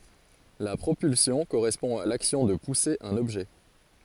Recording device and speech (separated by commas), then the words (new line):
forehead accelerometer, read sentence
La propulsion correspond à l'action de pousser un objet.